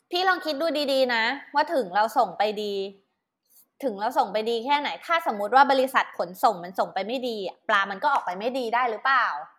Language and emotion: Thai, frustrated